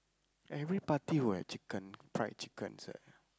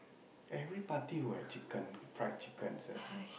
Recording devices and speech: close-talking microphone, boundary microphone, conversation in the same room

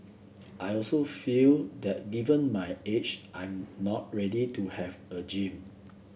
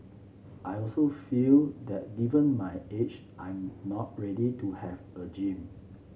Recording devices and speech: boundary microphone (BM630), mobile phone (Samsung C7), read sentence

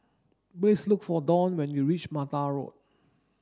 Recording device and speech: standing microphone (AKG C214), read sentence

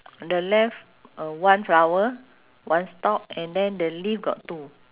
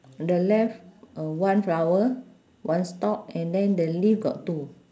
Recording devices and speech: telephone, standing microphone, conversation in separate rooms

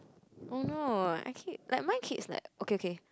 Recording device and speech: close-talking microphone, conversation in the same room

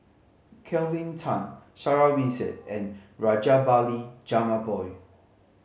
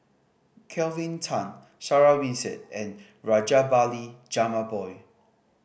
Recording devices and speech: mobile phone (Samsung C5010), boundary microphone (BM630), read sentence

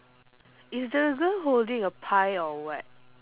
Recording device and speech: telephone, conversation in separate rooms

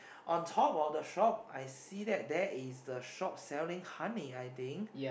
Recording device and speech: boundary microphone, conversation in the same room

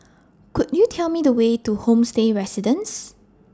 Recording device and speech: standing microphone (AKG C214), read sentence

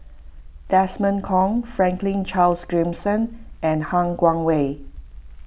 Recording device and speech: boundary microphone (BM630), read sentence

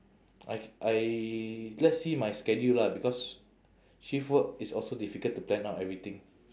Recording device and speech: standing microphone, conversation in separate rooms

